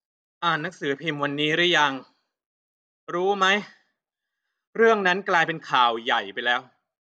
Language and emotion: Thai, frustrated